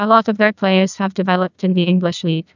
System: TTS, neural waveform model